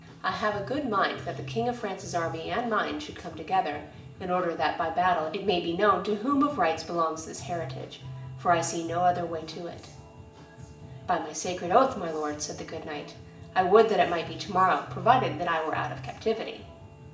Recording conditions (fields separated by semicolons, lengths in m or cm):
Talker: one person; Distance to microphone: 1.8 m; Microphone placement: close; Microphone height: 1.0 m; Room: large; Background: music